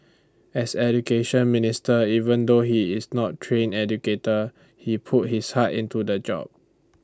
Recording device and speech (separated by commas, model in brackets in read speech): standing microphone (AKG C214), read sentence